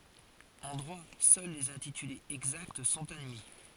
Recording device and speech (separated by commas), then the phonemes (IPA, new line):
forehead accelerometer, read sentence
ɑ̃ dʁwa sœl lez ɛ̃titylez ɛɡzakt sɔ̃t admi